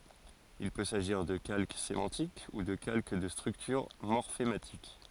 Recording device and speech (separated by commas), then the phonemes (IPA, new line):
forehead accelerometer, read sentence
il pø saʒiʁ də kalk semɑ̃tik u də kalk də stʁyktyʁ mɔʁfematik